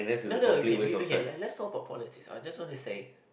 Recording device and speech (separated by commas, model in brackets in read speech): boundary microphone, conversation in the same room